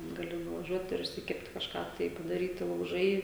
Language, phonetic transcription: Lithuanian, gaˈli nuvaˈžiuot ir išsiˈkept kažˈką tai padaˈryti lauˈžai

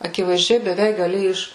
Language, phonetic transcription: Lithuanian, akivaizˈdžiai beˈveik gaˈli ˈiš

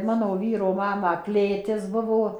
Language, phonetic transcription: Lithuanian, ˈmano ˈvyro ˈmamą ˈklėtis ˈbuvo

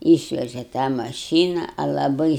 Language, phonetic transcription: Lithuanian, ˈyšveže tą maˈšyna a laˈbai

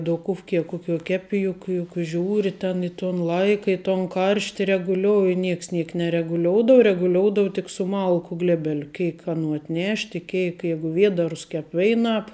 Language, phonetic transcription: Lithuanian, duˈkufki ˈkuˌkiuo ˈkepi ˈjuk juk ˈžiūri ten ˈi ˌton ˈlaika i ton ˈkaršti reguˈliouji ˈnieks ˈniek nereguˈlioudava reguˈlioudavo tik su ˈmalku ˈglebeliu ˈkeik aˈnų atˈnešt' i ˈkeik ˈjeigu ˈviedarus ˈkep ˈveināp

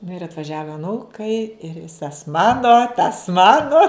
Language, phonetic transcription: Lithuanian, nu ir atvaˈžiava aˈnūkai ir ˈvisas ˈmano tas ˈmanu

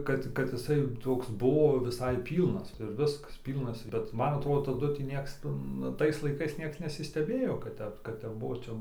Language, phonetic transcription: Lithuanian, ˈkad ˈkad iˈsai ˈtoks ˈbuo viˈsai ˈpylnas ir ˈviskas ˈpylnas bet ˈman atˈrodo taˈdu tį ˈnieks ˈtu nu ˈtais laiˈkais ˈnieks nesisteˈbėjo kad ˈtep kad ˈtep ˈbuo

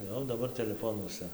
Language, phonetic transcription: Lithuanian, ˈjau daˈbar teleˈfonuosa

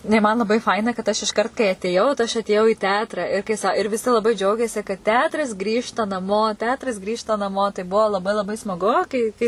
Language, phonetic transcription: Lithuanian, ˈnu i man laˈbai ˈfaina kad ˈaš išˈkart kai atėˈjau tai ˈaš atėˈjau į ˈteatra ir kai ˈsa ir viˈsi laˈbai ˈdžiaugėsi kad ˈteatras ˈgrįžta naˈmo ˈteatras ˈgrįžta naˈmo tai ˈbuo laˈbai laˈbai smaˈgu kai ˈkai

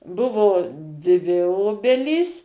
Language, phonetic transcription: Lithuanian, ˈbuvo dvi ˈobelys

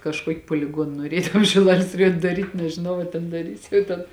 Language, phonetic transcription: Lithuanian, kažˈkuoki puoliˈguon nuoˈrė tam šiˈlalės raˈjuon' daˈryt' nežiˈnau a ten daˈrys jau ˈten

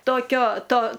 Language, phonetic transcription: Lithuanian, toˈkio ˈto

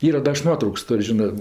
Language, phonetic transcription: Lithuanian, ˈyra ˈda 'aš ˈnuotrauks ˈtor' ˈžinɜ

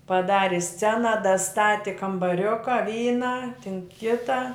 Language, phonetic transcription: Lithuanian, paˈdari ˈscena daˈstati kambaˈriuka ˈvyną tin ˈkitą

